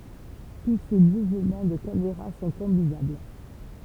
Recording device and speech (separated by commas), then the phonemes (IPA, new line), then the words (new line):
temple vibration pickup, read sentence
tu se muvmɑ̃ də kameʁa sɔ̃ kɔ̃binabl
Tous ces mouvements de caméra sont combinables.